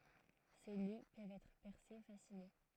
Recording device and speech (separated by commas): throat microphone, read sentence